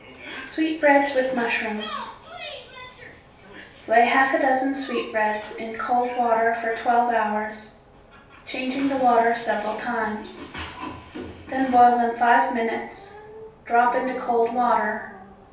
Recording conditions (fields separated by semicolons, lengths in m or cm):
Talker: one person; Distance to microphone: 3.0 m; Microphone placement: far; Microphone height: 1.8 m; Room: small (3.7 m by 2.7 m); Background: television